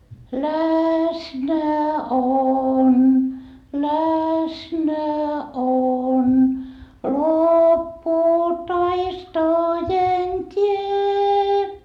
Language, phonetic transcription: Finnish, läsnä on läsnä on loppuu taistojen tie .
- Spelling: läsnä on läsnä on loppuu taistojen tie

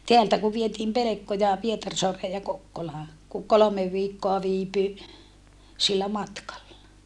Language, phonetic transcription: Finnish, teältä ku vietiim pelekkoja , Pietarsoaree ja Kokkolaa , ku kolomev viikkoa viipy , sillä matkalla .
- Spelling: täältä kun vietiin pelkkoja Pietarsaareen ja Kokkolaan kun kolme viikkoa viipyi sillä matkalla

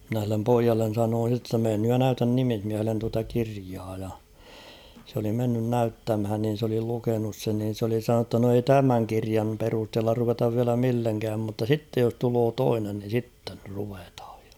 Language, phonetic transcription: Finnish, mⁱnä h̬illem "poijallen̬ 'sanoon̬ sitte ‿[tta] 'meen nyj ja "näytän 'nimihmiähellen tuata 'kiriaa ja , se ‿oli 'mennyn "näyttämhän nin̬ s ‿oli 'lukenus sen niin̬ s ‿oli 'sanonu ‿tta no ei "tämäŋ 'kiriam perusthella ruvetav viälä 'milleŋkääm mutta "sittej jos 'tuloo "toinen ni 'sitten̳ ruvethᴀᴊ ᴊᴀ .
- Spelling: minä sille pojalle sanoin sitten jotta mene nyt ja näytä nimismiehelle tuota kirjaa ja se oli mennyt näyttämään niin se oli lukenut sen niin se oli sanonut jotta no ei tämän kirjan perusteella ruveta vielä millekään mutta sitten jos tulee toinen niin sitten ruvetaan ja

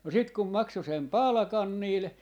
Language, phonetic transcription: Finnish, no 'sit kum 'makso sem "palᵃkan niil , .
- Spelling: no sitten kun maksoi sen palkan niille

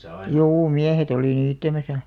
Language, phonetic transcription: Finnish, juu "miähet ‿olì 'niittämäsä .
- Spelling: juu miehet oli niittämässä

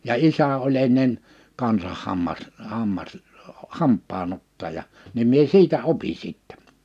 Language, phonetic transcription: Finnish, ja 'isä oĺ ‿ennen , 'kansah 'hammas- , 'hammasl- , 'hamp̆paan ‿ottaja , nim mie 'siitä 'opi 'sìttɛ .
- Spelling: ja isä oli ennen kanssa - - hampaan ottaja niin minä siitä opin sitten

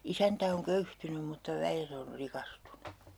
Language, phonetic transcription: Finnish, 'isäntä oŋ 'köyhtynym̆ mutta 'väjet ‿or "rikastunu .
- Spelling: isäntä on köyhtynyt mutta väet on rikastunut

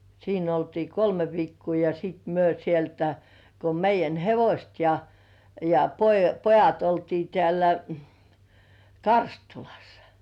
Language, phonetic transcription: Finnish, siin ‿oltii "kolme 'viikkuu ja sìt 'myö sieltä , ko 'meij̆jän 'hevośt ja , ja po- 'pojat oltii tĕä̀lä , "Karstulᴀssᴀ .
- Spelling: siinä oltiin kolme viikkoa ja sitten me sieltä kun meidän hevoset ja ja - pojat oltiin täällä Karstulassa

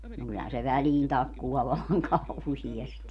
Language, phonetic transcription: Finnish, no 'kyllähän se "väliin 'takkuʷaa vallaŋ "kauhiesti .
- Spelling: no kyllähän se väliin takkuaa vallan kauheasti

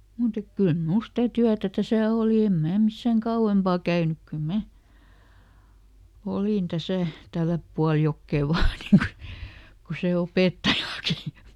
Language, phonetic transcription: Finnish, ˈmùt ‿ek ˈkyl "mul stä ˈtyätä ˈtäsä̀ ˈòli ˈem ˈmää ˈmissäŋ "kauʷempà ˈkäynyk ˈkyl "mä , ˈolin ˈtäsä̀ , ˈtälläp pual "jokkè ˈvaa nii ku , ku ˈse "opèttajaki .
- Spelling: mutta että kyllä minulla sitä työtä tässä oli en minä missään kauempaa käynyt kyllä minä olin tässä tällä puolella jokea vain niin kuin kuin se opettajakin

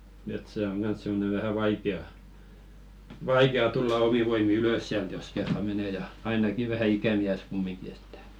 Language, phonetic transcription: Finnish, et 'se oŋ 'ɢans simmone vähä 'vaike₍a , "vaike₍a tulla 'omi voimi "ylös siält jos kerra 'mene ja , ainaki vähä 'ikämiäs "kummiŋki ettᴀ̈ .
- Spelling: että se on kanssa semmoinen vähän vaikea vaikea tulla omin voimin ylös sieltä jos kerran menee ja ainakin vähän ikämies kumminkin että

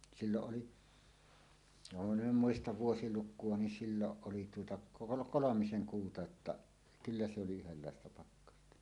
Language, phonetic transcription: Finnish, 'silloˀ 'ˀoli , vaŋ kum min ‿em 'muistav "vuosiluk̆kuo nin "silloˀ 'ˀoli tuota kolo- "kolomiseŋ 'kuuta [j]°tta , "kyllä se oli 'yhellàesta 'pakkasta .
- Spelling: silloin oli vaan kun minä en muista vuosilukua niin silloin oli tuota - kolmisen kuuta jotta kyllä se oli yhdenlaista pakkasta

